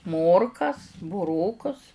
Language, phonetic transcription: Lithuanian, ˈmorkas buˈrokus

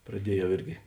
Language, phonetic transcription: Lithuanian, praˈdiejau ˈirgi

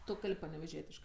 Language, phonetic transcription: Lithuanian, ˈtu ˈkalb' paneveˈžietiškɜ

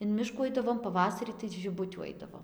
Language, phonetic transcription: Lithuanian, in ˈmiškų ˈaidavom paˈvasarį tai žiˈbutių ˈaidavom

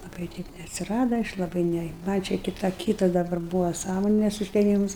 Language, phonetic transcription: Lithuanian, laˈbai ˈteip neatsiˈrada ˈaš laˈbai ˈne man' čia kiˈto ˈkytas daˈbar ˈbūvo ˈsąmones užteˈmims

